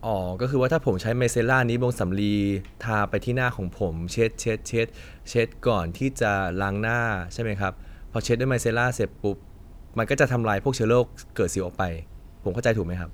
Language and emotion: Thai, neutral